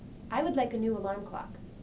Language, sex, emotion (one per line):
English
female
neutral